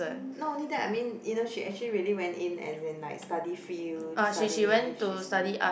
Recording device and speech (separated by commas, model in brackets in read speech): boundary microphone, conversation in the same room